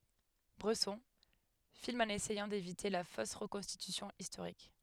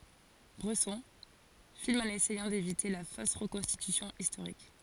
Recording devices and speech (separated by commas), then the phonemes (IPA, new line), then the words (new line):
headset microphone, forehead accelerometer, read sentence
bʁɛsɔ̃ film ɑ̃n esɛjɑ̃ devite la fos ʁəkɔ̃stitysjɔ̃ istoʁik
Bresson filme en essayant d'éviter la fausse reconstitution historique.